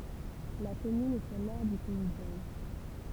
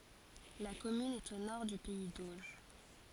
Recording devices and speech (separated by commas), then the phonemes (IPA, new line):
temple vibration pickup, forehead accelerometer, read sentence
la kɔmyn ɛt o nɔʁ dy pɛi doʒ